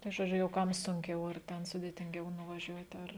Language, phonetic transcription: Lithuanian, tai žoˈdžiu jau ˈkam sunˈkiau ar ˈten sudėtinˈgiau nuvaˈžiuot' ˈar

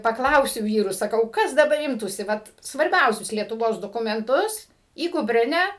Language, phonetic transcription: Lithuanian, paˈklausiu ˈvyrus saˈkau ˈkas daˈbar ˈimtųsi ˈvat svarˈbiausius lietuˈvos dokumenˈtus į kupˈrinę

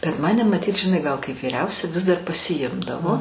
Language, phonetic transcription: Lithuanian, bet ˈmane maˈtyt žiˈnai ˈgal kaip vyˈriausia ˈvis dar pasiˈjimdavo

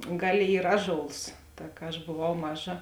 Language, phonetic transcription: Lithuanian, ˈgaˌlė ˈyr ˈaˌžols ˈta ka aš boˈvau ˈmaˌža

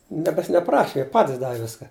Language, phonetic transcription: Lithuanian, ˈniekas neˈpraši ˈjie ˈpatis ˈdavi ˈviska

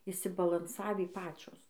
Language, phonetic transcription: Lithuanian, išsibalanˈsavį ˈpačios

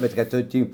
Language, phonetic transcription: Lithuanian, bet kad ˈtu ˈtį

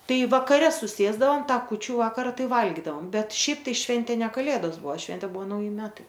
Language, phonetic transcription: Lithuanian, ˈtai vakaˈre suˈsėsdavom ˈtą kūˈčių ˈvakara ˈtai ˈvalgydavom ˈbet ˈšiaip tai ˈšventė ne kaˈlėdos ˈbuo ˈšventė ˈbuo nauˈji ˈmetai

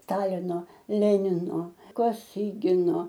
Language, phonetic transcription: Lithuanian, ˈstalino ˈlenino koˈsygino

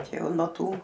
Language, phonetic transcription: Lithuanian, ˈčia ˈjau nuo ˈtų

